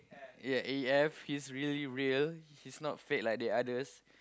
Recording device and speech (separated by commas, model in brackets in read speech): close-talking microphone, conversation in the same room